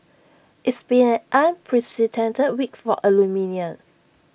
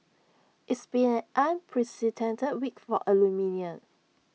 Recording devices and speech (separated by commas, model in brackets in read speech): boundary microphone (BM630), mobile phone (iPhone 6), read sentence